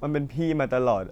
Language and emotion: Thai, sad